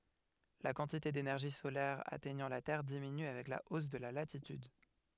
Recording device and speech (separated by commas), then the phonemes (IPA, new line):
headset microphone, read sentence
la kɑ̃tite denɛʁʒi solɛʁ atɛɲɑ̃ la tɛʁ diminy avɛk la os də la latityd